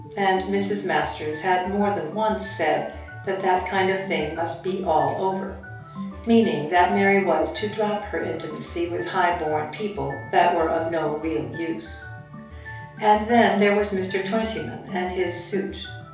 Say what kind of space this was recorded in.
A small space (about 3.7 m by 2.7 m).